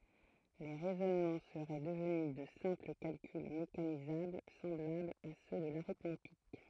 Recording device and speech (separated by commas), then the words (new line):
throat microphone, read sentence
Les raisonnements seraient devenus de simples calculs mécanisables semblables à ceux de l'arithmétique.